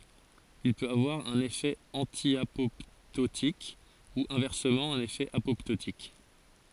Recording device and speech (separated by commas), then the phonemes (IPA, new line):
forehead accelerometer, read sentence
il pøt avwaʁ œ̃n efɛ ɑ̃tjapɔptotik u ɛ̃vɛʁsəmɑ̃ œ̃n efɛ apɔptotik